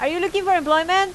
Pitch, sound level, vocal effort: 370 Hz, 94 dB SPL, very loud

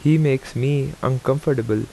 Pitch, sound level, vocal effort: 135 Hz, 81 dB SPL, normal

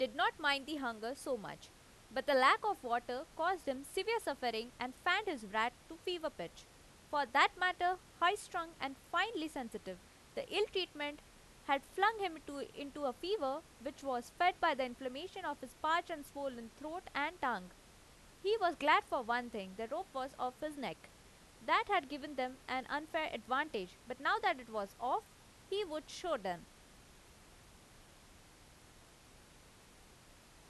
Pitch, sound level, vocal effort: 285 Hz, 90 dB SPL, loud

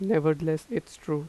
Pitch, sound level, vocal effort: 155 Hz, 85 dB SPL, normal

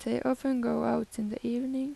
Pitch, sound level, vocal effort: 250 Hz, 83 dB SPL, soft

